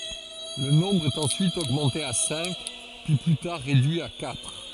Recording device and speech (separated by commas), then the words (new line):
forehead accelerometer, read sentence
Le nombre est ensuite augmenté à cinq, puis plus tard réduit à quatre.